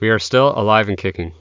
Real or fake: real